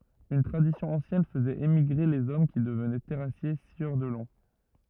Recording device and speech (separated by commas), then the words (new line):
rigid in-ear microphone, read sentence
Une tradition ancienne faisait émigrer les hommes qui devenaient terrassiers, scieurs de long.